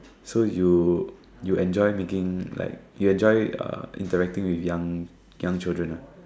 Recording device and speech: standing microphone, conversation in separate rooms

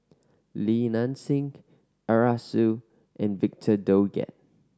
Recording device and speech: standing microphone (AKG C214), read sentence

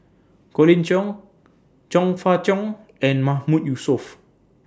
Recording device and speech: standing microphone (AKG C214), read sentence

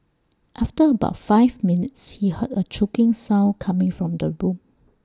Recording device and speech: standing microphone (AKG C214), read sentence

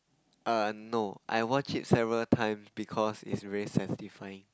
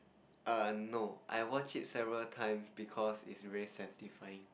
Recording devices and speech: close-talking microphone, boundary microphone, conversation in the same room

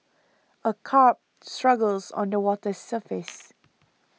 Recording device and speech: mobile phone (iPhone 6), read sentence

